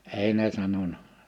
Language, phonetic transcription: Finnish, 'èi ne 'sanona .
- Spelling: ei ne sanonut

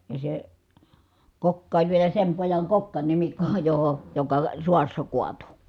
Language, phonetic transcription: Finnish, ja se , kokka oĺ vielä sem pojaŋ kokkańimikko , joho , joka , suassa kuatu .
- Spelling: ja se kokka oli vielä sen pojan kokkanimikko johon joka sodassa kaatui

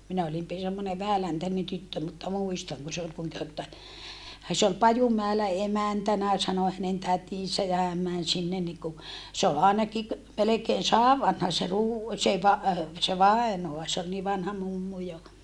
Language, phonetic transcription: Finnish, minä olim pi - semmone vähäläntänen tyttö mutta muistaŋ kun se ol -- , se ol Pajumäelä emäntänä sano hänen tätisä ja häm män sinnen niku , se ol àenaki ‿k- , melekeen saav vanha se ruu- , se va- , se vaenoa se ‿ol nii vanha mummu jo .
- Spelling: minä olin - semmoinen vähäläntäinen tyttö mutta muistan kun se oli - se oli Pajumäellä emäntänä sanoi hänen tätinsä ja hän meni sinne niin kuin se oli ainakin - melkein sadan vanha se - se - se vainaja se oli niin vanha mummu jo

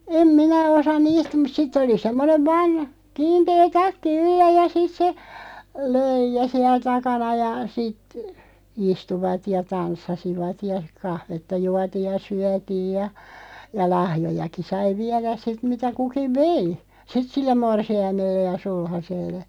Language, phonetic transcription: Finnish, 'em "minä 'osa "niist mut 'sitt ‿oli 'semmonev 'vaan , 'kiintee "takki "yllä ja 'sit se , "löij̆jä 'siɛl 'takana ja 'sit , 'istuvat ja 'tanssasivat ja , 'kahvetta 'juatiiʲ ja "syätiij ja , ja 'lahjojaki 'sai "viäräs 'sit 'mitä 'kukiᵛ "vei , "sit 'sillem 'morsi₍aimelle ja 'sulhaselle .
- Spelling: en minä osaa niistä mutta sitten oli semmoinen vain kiinteä takki yllä ja sitten se löija siellä takana ja sitten istuivat ja tanssasivat ja kahvia juotiin ja syötiin ja ja lahjojakin sai viedä sitten mitä kukin vei sitten sille morsiamelle ja sulhaselle

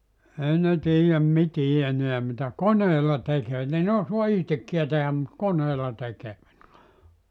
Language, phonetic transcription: Finnish, 'ei ne 'tiijäm "mitii 'eniä mitä "koneela 'tekee 'ei (ne) ne 'osua "ihtekkiä tehäm mut "koneela 'tekee(vät vua) .
- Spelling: ei ne tiedä mitään enää mitä koneella tekee ei ne ne osaa itsekään tehdä mutta koneella tekevät vain

